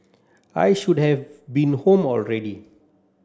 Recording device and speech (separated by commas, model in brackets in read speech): standing microphone (AKG C214), read sentence